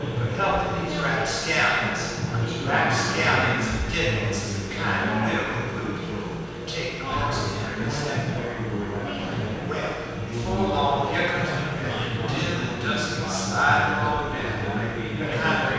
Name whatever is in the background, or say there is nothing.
Crowd babble.